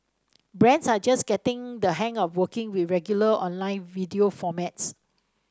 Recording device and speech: standing microphone (AKG C214), read sentence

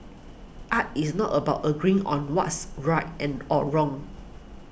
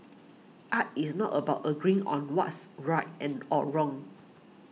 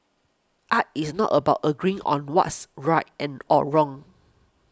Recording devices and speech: boundary microphone (BM630), mobile phone (iPhone 6), close-talking microphone (WH20), read sentence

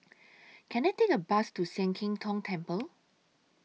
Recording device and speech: mobile phone (iPhone 6), read sentence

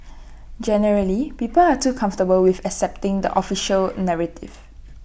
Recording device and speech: boundary microphone (BM630), read sentence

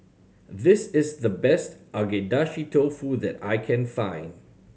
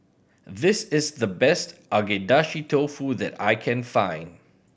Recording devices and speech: mobile phone (Samsung C7100), boundary microphone (BM630), read sentence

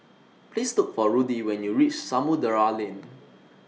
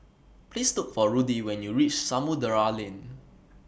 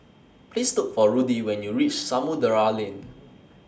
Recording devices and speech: mobile phone (iPhone 6), boundary microphone (BM630), standing microphone (AKG C214), read sentence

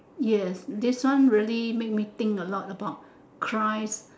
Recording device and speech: standing microphone, conversation in separate rooms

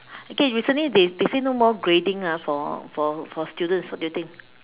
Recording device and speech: telephone, conversation in separate rooms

